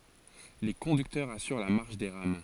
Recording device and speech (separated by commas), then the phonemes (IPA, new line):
forehead accelerometer, read sentence
le kɔ̃dyktœʁz asyʁ la maʁʃ de ʁam